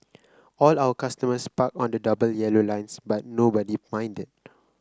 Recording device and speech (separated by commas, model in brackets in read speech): close-talking microphone (WH30), read sentence